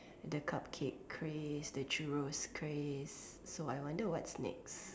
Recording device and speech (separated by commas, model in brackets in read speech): standing microphone, conversation in separate rooms